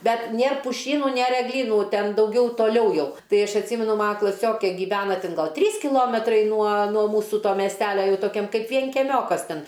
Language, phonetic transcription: Lithuanian, ˈbet ˈnėr puˈšynu ˈnėr egˈlynų ˈten dauˈgiau toˈliau ˈjau ˈtai ˈaš atˈsymenu ˈmana klaˈsiokė gyˈvena ˈtin ˈgal ˈtrys kiˈlometrai nuo nuo ˈmūsu ˈto miesˈtelia ˈjau toˈkiam ˈkaip vienkeˈmiokas ˈten

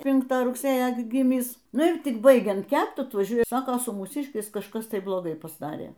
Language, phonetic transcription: Lithuanian, ˈpinktą rugˈsėjo gi ˈgymis ˈnu ir ˈtik ˈbaigiant ˈkept atvaˈžiuoja ˈsako su mūˈsiškiais kažˈkas ˈtai bloˈgai pasˈdarė

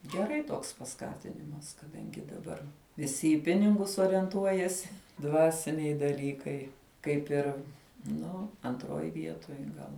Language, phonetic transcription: Lithuanian, geˈrai ˈtoks paˈskatinimas kaˈdangi daˈbar viˈsi i ˈpiningus orienˈtuojasi ˈdvasiniai daˈlykai ˈkaip ir ˈnu antˈroj ˈvietoj ˈgal

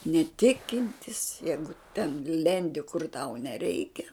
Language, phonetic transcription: Lithuanian, neˈtikintis ˈjeigu ten ˈlendi kur tau neˈreikia

